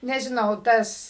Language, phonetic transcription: Lithuanian, nežiˈnau ˈtas

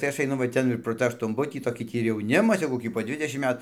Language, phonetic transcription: Lithuanian, tai ˈaš aiˈnu va ˈten ir pro ˈtą aštunˈbutį toˈkį ˈtį ir jauˈnimas jau koˈkį po ˈdvidešim ˈmet

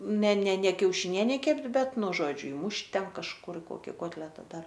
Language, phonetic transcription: Lithuanian, ne ne ne kiaušiˈnienei ˈkept' ˈbet ˈnu ˈžodžiu ˈimušt' ˈten kažˈkur i ˈkoki ˈkotleta ˈdar

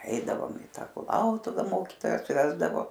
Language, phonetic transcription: Lithuanian, ˈeidavom i ˈta kuˈlautuva ˈmokytojas ˈvesdavo

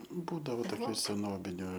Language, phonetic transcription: Lithuanian, ˈbūdavo toˈkių seˈnobiniu

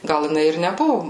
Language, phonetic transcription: Lithuanian, ˈgal jiˈnai ir neˈbuvu

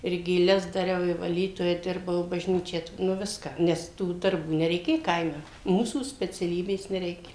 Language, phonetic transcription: Lithuanian, ir gėˈles daˈriau i vaˈlytoja ˈdirbau i bažˈnyčią tv ˈnu ˈviską ˈnes tų darˈbų nereiˈkė ˈkaime ˈmūsų speciaˈlybės neˈreikia

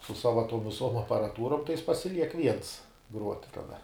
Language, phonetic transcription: Lithuanian, su ˈsava tuom viˈsuom aparaˈtūrom tai jis pasiˈliek viens gruot' kaˈda

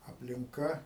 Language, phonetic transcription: Lithuanian, aplinˈka

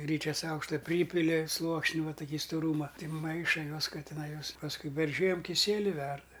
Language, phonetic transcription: Lithuanian, ˈgryčias ˈaukšta ˈprypili ˈsluoksni ˈva tuˈkį stuˈrūma ˈti ˈmaiša ˈjuos ˈka tiˈnai ˈjuos pasˈkui per ˈžiem kiˈsieli ˈverda

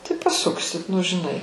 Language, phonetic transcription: Lithuanian, tai paˈsuksit nu žiˈnai

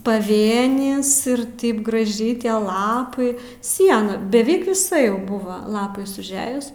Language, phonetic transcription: Lithuanian, paˈvėnis ir ˈtaip graˈžiai ˈtie ˈlapai ˈsiena beˈvik viˈsa ˈjau ˈbuva lapais užˈejus

